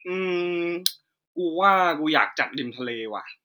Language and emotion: Thai, neutral